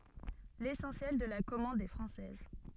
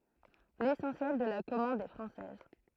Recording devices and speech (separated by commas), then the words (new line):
soft in-ear microphone, throat microphone, read sentence
L'essentiel de la commande est française.